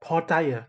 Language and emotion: Thai, angry